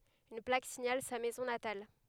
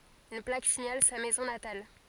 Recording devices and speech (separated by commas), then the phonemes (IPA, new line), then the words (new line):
headset microphone, forehead accelerometer, read sentence
yn plak siɲal sa mɛzɔ̃ natal
Une plaque signale sa maison natale.